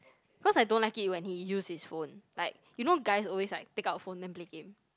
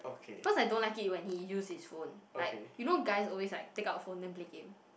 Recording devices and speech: close-talking microphone, boundary microphone, conversation in the same room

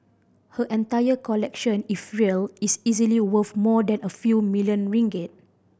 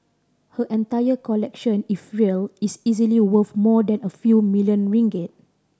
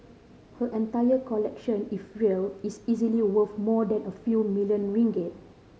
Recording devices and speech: boundary microphone (BM630), standing microphone (AKG C214), mobile phone (Samsung C5010), read sentence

